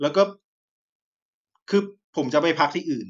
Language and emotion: Thai, frustrated